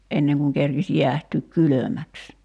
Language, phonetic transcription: Finnish, '’enneŋ kuŋ kerkis 'jiähtyyk "kylömäks .
- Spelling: ennen kuin kerkisi jäähtyä kylmäksi

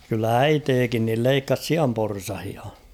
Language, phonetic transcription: Finnish, kyllä "äiteekin nil 'leikkas "siamporsahia .
- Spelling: kyllä äitikin niin leikkasi sianporsaita

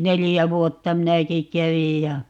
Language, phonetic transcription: Finnish, 'nelijä "vuotta 'minäki "kävij ja , .
- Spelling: neljä vuotta minäkin kävin ja

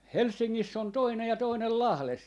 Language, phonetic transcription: Finnish, "Helssiŋŋiss ‿on 'toinej ja 'toinel "Lahles .
- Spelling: Helsingissä on toinen ja toinen Lahdessa

